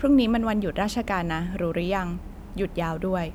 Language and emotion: Thai, neutral